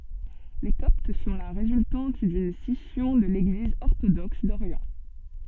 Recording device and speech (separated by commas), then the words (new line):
soft in-ear microphone, read sentence
Les Coptes sont la résultante d'une scission de l'Église orthodoxe d'Orient.